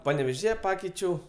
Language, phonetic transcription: Lithuanian, paneveˈžyje ˈpakeičiau

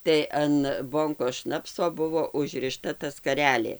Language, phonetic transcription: Lithuanian, tai an ˈbonkos ˈšnapso ˈbuvo užriˈšta ta skaˈrelė

